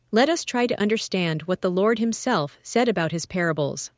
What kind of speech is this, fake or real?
fake